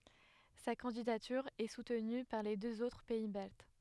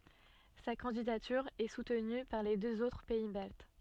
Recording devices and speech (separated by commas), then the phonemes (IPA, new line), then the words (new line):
headset microphone, soft in-ear microphone, read sentence
sa kɑ̃didatyʁ ɛ sutny paʁ le døz otʁ pɛi balt
Sa candidature est soutenue par les deux autres pays baltes.